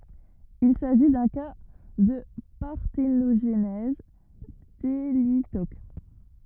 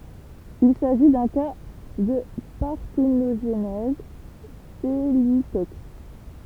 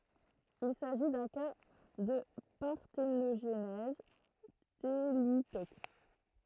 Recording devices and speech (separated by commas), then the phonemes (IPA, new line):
rigid in-ear microphone, temple vibration pickup, throat microphone, read sentence
il saʒi dœ̃ ka də paʁtenoʒnɛz telitok